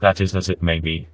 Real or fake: fake